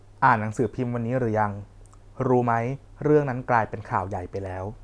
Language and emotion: Thai, neutral